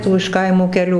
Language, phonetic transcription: Lithuanian, ˈtų iš ˈkaimų keˈlių

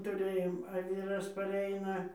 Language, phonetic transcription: Lithuanian, tuˈrɘjom a ˈvyras paˈreina

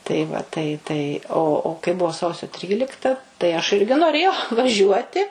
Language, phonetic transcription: Lithuanian, tai ˈva tai tai o o kai ˈbuvo ˈsausio ˈtrylikta tai aš ˈirgi noˈrėjau vaˈžiuoti

